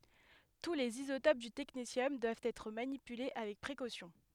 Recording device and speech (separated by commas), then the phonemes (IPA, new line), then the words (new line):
headset microphone, read sentence
tu lez izotop dy tɛknesjɔm dwavt ɛtʁ manipyle avɛk pʁekosjɔ̃
Tous les isotopes du technétium doivent être manipulés avec précaution.